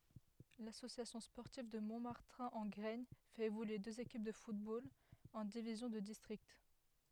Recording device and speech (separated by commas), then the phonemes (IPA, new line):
headset microphone, read sentence
lasosjasjɔ̃ spɔʁtiv də mɔ̃maʁtɛ̃ ɑ̃ ɡʁɛɲ fɛt evolye døz ekip də futbol ɑ̃ divizjɔ̃ də distʁikt